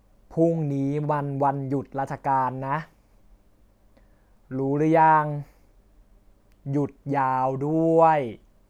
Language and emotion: Thai, frustrated